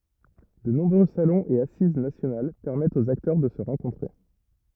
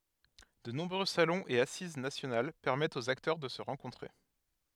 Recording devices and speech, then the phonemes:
rigid in-ear microphone, headset microphone, read sentence
də nɔ̃bʁø salɔ̃z e asiz nasjonal pɛʁmɛtt oz aktœʁ də sə ʁɑ̃kɔ̃tʁe

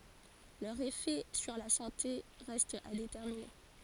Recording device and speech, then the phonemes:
forehead accelerometer, read sentence
lœʁz efɛ syʁ la sɑ̃te ʁɛstt a detɛʁmine

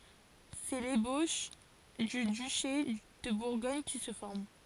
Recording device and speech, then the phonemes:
forehead accelerometer, read sentence
sɛ leboʃ dy dyʃe də buʁɡɔɲ ki sə fɔʁm

